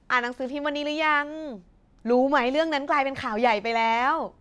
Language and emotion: Thai, happy